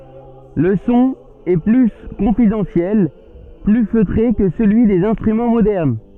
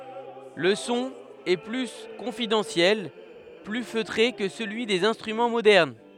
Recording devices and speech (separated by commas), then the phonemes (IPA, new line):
soft in-ear microphone, headset microphone, read sentence
lə sɔ̃ ɛ ply kɔ̃fidɑ̃sjɛl ply føtʁe kə səlyi dez ɛ̃stʁymɑ̃ modɛʁn